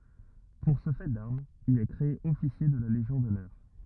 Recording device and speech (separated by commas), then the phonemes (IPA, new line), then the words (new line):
rigid in-ear microphone, read sentence
puʁ sə fɛ daʁmz il ɛ kʁee ɔfisje də la leʒjɔ̃ dɔnœʁ
Pour ce fait d'armes, il est créé officier de la Légion d'honneur.